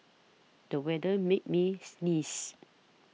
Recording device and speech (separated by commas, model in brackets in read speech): mobile phone (iPhone 6), read sentence